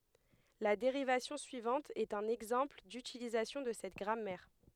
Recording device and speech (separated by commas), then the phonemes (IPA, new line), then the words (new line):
headset microphone, read sentence
la deʁivasjɔ̃ syivɑ̃t ɛt œ̃n ɛɡzɑ̃pl dytilizasjɔ̃ də sɛt ɡʁamɛʁ
La dérivation suivante est un exemple d'utilisation de cette grammaire.